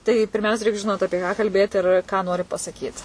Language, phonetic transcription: Lithuanian, tai pirˈmiausia ˈreik žiˈnot ˈapie ką kalˈbėt ir ką nori pasaˈkyt

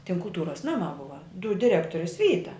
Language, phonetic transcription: Lithuanian, tin kulˈtūras ˈnama ˈbuva dud diˈrektoris ˈvyta

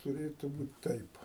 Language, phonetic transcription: Lithuanian, tuˈrėtu ˈbūt ˈtaip

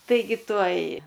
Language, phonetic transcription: Lithuanian, taiˈgi ˈtuoj

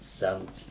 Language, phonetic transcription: Lithuanian, ˈsæmt

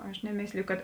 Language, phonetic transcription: Lithuanian, ˈaš neˈmėsliju kad

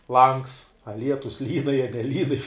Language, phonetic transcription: Lithuanian, langs a ˈlietus lyn a jie neˈlyn

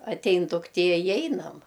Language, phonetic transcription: Lithuanian, atˈein dukˈtie i ˈeinam

